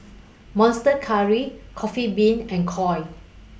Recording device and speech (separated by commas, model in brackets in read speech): boundary microphone (BM630), read sentence